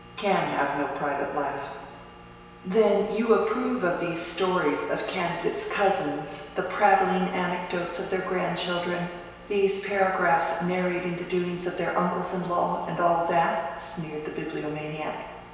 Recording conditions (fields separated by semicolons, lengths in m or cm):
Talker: one person; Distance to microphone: 1.7 m; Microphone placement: close; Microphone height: 1.0 m; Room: very reverberant, large; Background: none